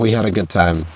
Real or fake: fake